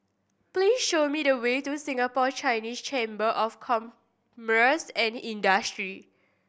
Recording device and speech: boundary microphone (BM630), read sentence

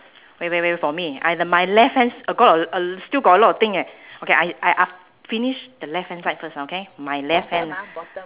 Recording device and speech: telephone, conversation in separate rooms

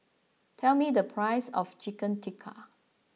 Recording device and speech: mobile phone (iPhone 6), read sentence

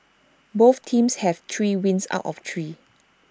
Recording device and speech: standing microphone (AKG C214), read sentence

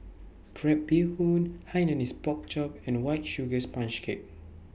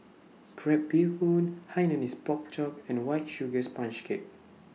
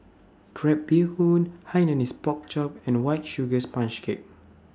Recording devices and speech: boundary microphone (BM630), mobile phone (iPhone 6), standing microphone (AKG C214), read sentence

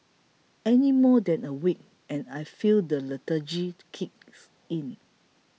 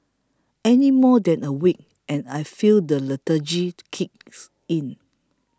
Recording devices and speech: mobile phone (iPhone 6), close-talking microphone (WH20), read sentence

